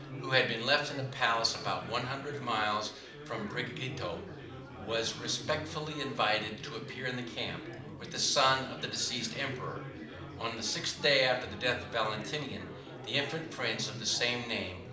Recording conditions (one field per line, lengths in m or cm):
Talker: one person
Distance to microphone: 2.0 m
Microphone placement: close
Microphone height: 99 cm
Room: medium-sized (5.7 m by 4.0 m)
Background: babble